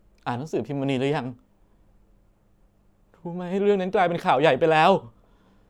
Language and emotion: Thai, sad